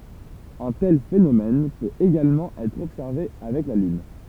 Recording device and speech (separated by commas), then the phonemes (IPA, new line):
temple vibration pickup, read sentence
œ̃ tɛl fenomɛn pøt eɡalmɑ̃ ɛtʁ ɔbsɛʁve avɛk la lyn